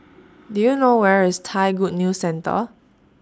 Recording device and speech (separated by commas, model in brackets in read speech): standing microphone (AKG C214), read sentence